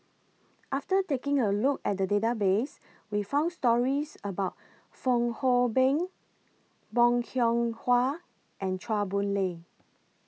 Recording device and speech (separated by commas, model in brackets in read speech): mobile phone (iPhone 6), read sentence